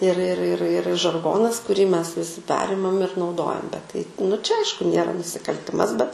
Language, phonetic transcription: Lithuanian, ir ir ir ir žarˈgonas kuˈrį ˈmes viˈsi ˈperimam ir nauˈdojam bet tai nu čia ˈaišku ˈnėra nusikalˈtimas bet

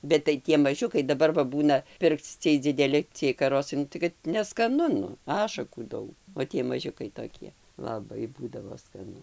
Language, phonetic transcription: Lithuanian, bet tai ˈtie maˈžiukai daˈbar va ˈbūna ˈpirkc ˈciej dzideˈli ciej kaˈrosai ˈnu tai kad neskaˈnu ˈašakų ˈdaug o ˈtie maˈžiukai toˈkie laˈbai ˈbūdavo skaˈnu

